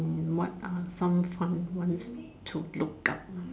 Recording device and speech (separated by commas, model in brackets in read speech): standing microphone, conversation in separate rooms